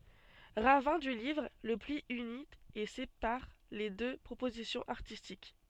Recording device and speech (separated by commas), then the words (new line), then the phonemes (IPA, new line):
soft in-ear microphone, read sentence
Ravin du livre, le pli unit et sépare les deux propositions artistiques.
ʁavɛ̃ dy livʁ lə pli yni e sepaʁ le dø pʁopozisjɔ̃z aʁtistik